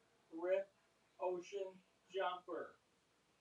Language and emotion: English, sad